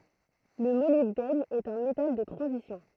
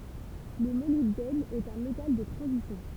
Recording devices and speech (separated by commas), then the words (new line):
throat microphone, temple vibration pickup, read sentence
Le molybdène est un métal de transition.